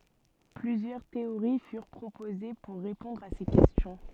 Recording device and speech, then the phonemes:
soft in-ear microphone, read sentence
plyzjœʁ teoʁi fyʁ pʁopoze puʁ ʁepɔ̃dʁ a se kɛstjɔ̃

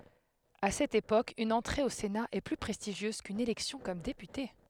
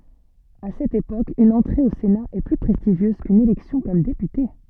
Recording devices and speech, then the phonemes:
headset microphone, soft in-ear microphone, read sentence
a sɛt epok yn ɑ̃tʁe o sena ɛ ply pʁɛstiʒjøz kyn elɛksjɔ̃ kɔm depyte

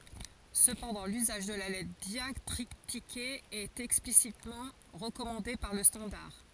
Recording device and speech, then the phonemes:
forehead accelerometer, read sentence
səpɑ̃dɑ̃ lyzaʒ də la lɛtʁ djaktʁitike ɛt ɛksplisitmɑ̃ ʁəkɔmɑ̃de paʁ lə stɑ̃daʁ

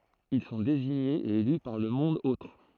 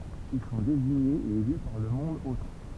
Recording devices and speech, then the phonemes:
throat microphone, temple vibration pickup, read sentence
il sɔ̃ deziɲez e ely paʁ lə mɔ̃d otʁ

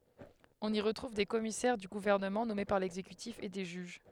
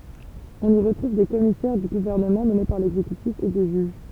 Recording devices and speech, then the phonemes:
headset microphone, temple vibration pickup, read sentence
ɔ̃n i ʁətʁuv de kɔmisɛʁ dy ɡuvɛʁnəmɑ̃ nɔme paʁ lɛɡzekytif e de ʒyʒ

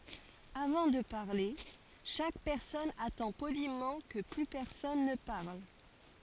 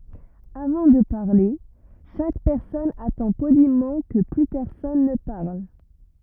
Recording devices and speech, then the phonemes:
forehead accelerometer, rigid in-ear microphone, read sentence
avɑ̃ də paʁle ʃak pɛʁsɔn atɑ̃ polimɑ̃ kə ply pɛʁsɔn nə paʁl

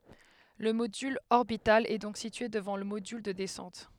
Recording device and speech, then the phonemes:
headset microphone, read sentence
lə modyl ɔʁbital ɛ dɔ̃k sitye dəvɑ̃ lə modyl də dɛsɑ̃t

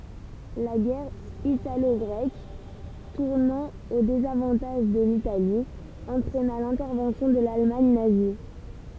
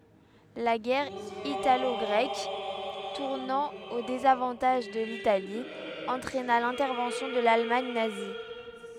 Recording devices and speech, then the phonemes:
temple vibration pickup, headset microphone, read sentence
la ɡɛʁ italɔɡʁɛk tuʁnɑ̃ o dezavɑ̃taʒ də litali ɑ̃tʁɛna lɛ̃tɛʁvɑ̃sjɔ̃ də lalmaɲ nazi

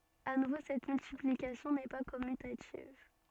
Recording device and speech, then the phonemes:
soft in-ear microphone, read sentence
a nuvo sɛt myltiplikasjɔ̃ nɛ pa kɔmytativ

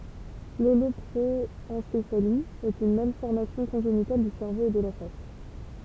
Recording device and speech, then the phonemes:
temple vibration pickup, read sentence
lolɔpʁoɑ̃sefali ɛt yn malfɔʁmasjɔ̃ kɔ̃ʒenital dy sɛʁvo e də la fas

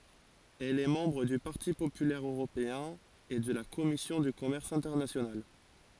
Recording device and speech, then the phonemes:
forehead accelerometer, read sentence
ɛl ɛ mɑ̃bʁ dy paʁti popylɛʁ øʁopeɛ̃ e də la kɔmisjɔ̃ dy kɔmɛʁs ɛ̃tɛʁnasjonal

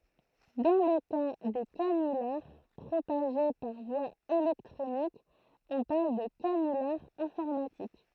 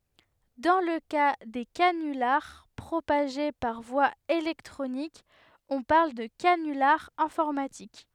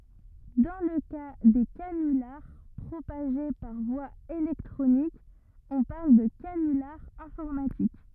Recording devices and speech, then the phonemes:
throat microphone, headset microphone, rigid in-ear microphone, read sentence
dɑ̃ lə ka de kanylaʁ pʁopaʒe paʁ vwa elɛktʁonik ɔ̃ paʁl də kanylaʁ ɛ̃fɔʁmatik

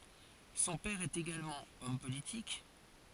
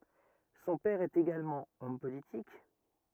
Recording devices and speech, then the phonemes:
forehead accelerometer, rigid in-ear microphone, read sentence
sɔ̃ pɛʁ ɛt eɡalmɑ̃ ɔm politik

